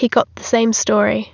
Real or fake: real